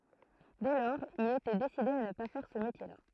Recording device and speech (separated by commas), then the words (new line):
throat microphone, read sentence
Dès lors, il était décidé à ne pas faire ce métier-là.